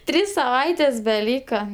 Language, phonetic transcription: Lithuanian, ˈtrys saˈvaitės beˈlyka

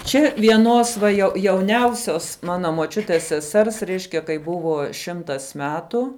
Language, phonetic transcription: Lithuanian, čia vieˈnos va jau jauˈniausios ˈmana moˈčiutės seˈsers ˈreiškia kai ˈbuvo ˈšimtas ˈmetu

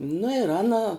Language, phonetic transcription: Lithuanian, nu ir ˈana

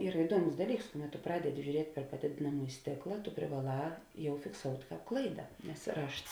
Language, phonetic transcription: Lithuanian, ˈyra iˈduoˌmus ˈdaˌlyks ˈkuˌmet tu ˈpradeˌdi žiuˈriet' per paˈdėdėnamūji ˈstėkla tu privaˈlā ˈjau fikˈsout' ˈklaida nes ˈrašts

